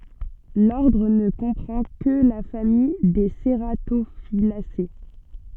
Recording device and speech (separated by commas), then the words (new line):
soft in-ear microphone, read sentence
L'ordre ne comprend que la famille des cératophyllacées.